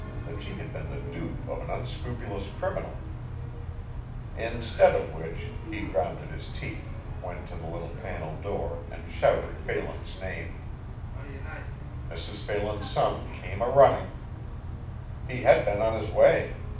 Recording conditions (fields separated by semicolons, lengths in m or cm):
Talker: one person; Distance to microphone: 5.8 m; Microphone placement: far; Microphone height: 1.8 m; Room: medium-sized (5.7 m by 4.0 m); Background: television